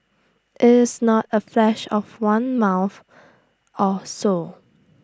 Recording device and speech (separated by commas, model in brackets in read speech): standing microphone (AKG C214), read sentence